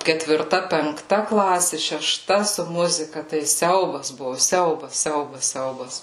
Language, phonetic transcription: Lithuanian, ketvirˈta penkˈta ˈklasė šeˈšta su ˈmuzika tai ˈsiaubas ˈbuvo ˈsiaubas ˈsiaubas ˈsiaubas

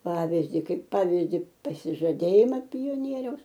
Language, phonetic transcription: Lithuanian, ˈpavizdi ˈkaip ˈpavizdi pasižaˈdėjima pioˈnieriaus

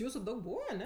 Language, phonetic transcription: Lithuanian, ˈjūsu ˈdaug ˈbūva aˈne

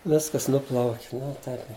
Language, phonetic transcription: Lithuanian, ˈviskas ˈnuplauk' ˈnu ˈtaip

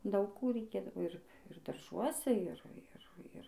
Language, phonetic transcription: Lithuanian, ˈdaug ˈkų reiˈkėdavo ˈir ir darˈžuose ˈir ˈir ˈir

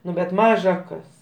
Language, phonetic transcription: Lithuanian, ˈnu bet ˈmaža ˈkas

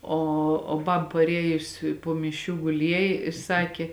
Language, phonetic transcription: Lithuanian, ˈo o ˈbab paˈriejus po miˈšių guˈliejė i ˈsakė

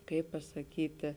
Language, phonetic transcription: Lithuanian, ˈkaip pasaˈkytė

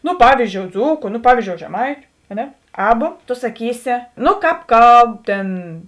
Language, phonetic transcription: Lithuanian, nu ˈpavyˌzdžiou ˈdzūku nu ˈpavyˌzdžiou žeˈmaitiu a ˈne ˈaba to saˈkysi ˈnu kāp ˈkalb ˈtėn

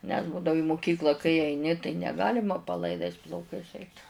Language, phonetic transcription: Lithuanian, nes ˈbūdavu i muˈkykla kai aiˈni tai neˈgalima palaiˈdais plauˈkais ˈeit

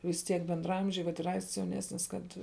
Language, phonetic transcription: Lithuanian, vis ˈtiek bendraˈamžiai vat ir ˈaists jauˈnesnis ˈkad

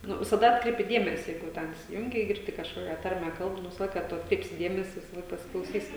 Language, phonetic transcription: Lithuanian, ˈnu visaˈda ˈatkreipi ˈdėmesi ˈjeigu jau ˈten isiˈjungi i girˈdi kažˈkokia ˈtarme ˈkalb nu ˈvisa ˈlaika ˈtu atkˈreipsi ˈdėmesi visaˈlaik pasiklauˈsysi

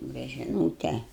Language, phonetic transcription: Lithuanian, bet ˈžinote

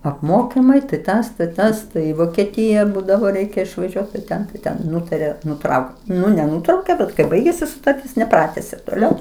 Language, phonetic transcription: Lithuanian, apˈmokimai tai ˈtas tai ˈtas ˈtai i vokeˈtija ˈbūdavo ˈreikia išvaˈžiuot tai ˈten tai ˈten ˈnutarė nuˈtraukt ˈnu neˈnutraukė ˈbet kai ˈbaigėsi sutarˈtis neˈpratesė toˈliau

